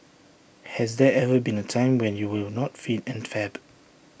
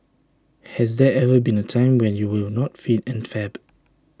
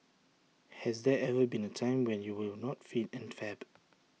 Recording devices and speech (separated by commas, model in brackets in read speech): boundary microphone (BM630), standing microphone (AKG C214), mobile phone (iPhone 6), read sentence